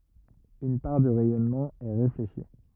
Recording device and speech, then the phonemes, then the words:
rigid in-ear microphone, read sentence
yn paʁ dy ʁɛjɔnmɑ̃ ɛ ʁefleʃi
Une part du rayonnement est réfléchi.

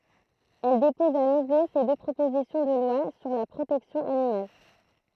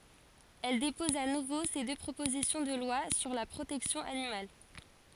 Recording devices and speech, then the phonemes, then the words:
throat microphone, forehead accelerometer, read sentence
ɛl depɔz a nuvo se dø pʁopozisjɔ̃ də lwa syʁ la pʁotɛksjɔ̃ animal
Elle dépose à nouveau ces deux propositions de loi sur la protection animale.

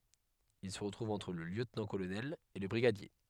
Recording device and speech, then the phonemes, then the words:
headset microphone, read sentence
il sə tʁuv ɑ̃tʁ lə ljøtnɑ̃tkolonɛl e lə bʁiɡadje
Il se trouve entre le lieutenant-colonel et le brigadier.

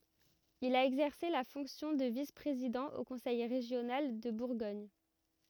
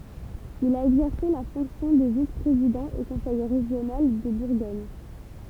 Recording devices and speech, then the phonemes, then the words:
rigid in-ear microphone, temple vibration pickup, read sentence
il a ɛɡzɛʁse la fɔ̃ksjɔ̃ də vis pʁezidɑ̃ o kɔ̃sɛj ʁeʒjonal də buʁɡɔɲ
Il a exercé la fonction de vice-président au conseil régional de Bourgogne.

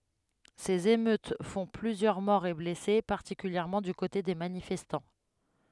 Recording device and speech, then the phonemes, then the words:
headset microphone, read sentence
sez emøt fɔ̃ plyzjœʁ mɔʁz e blɛse paʁtikyljɛʁmɑ̃ dy kote de manifɛstɑ̃
Ces émeutes font plusieurs morts et blessés, particulièrement du côté des manifestants.

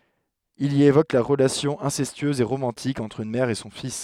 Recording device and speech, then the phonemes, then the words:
headset microphone, read sentence
il i evok la ʁəlasjɔ̃ ɛ̃sɛstyøz e ʁomɑ̃tik ɑ̃tʁ yn mɛʁ e sɔ̃ fis
Il y évoque la relation incestueuse et romantique entre une mère et son fils.

